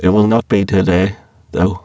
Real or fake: fake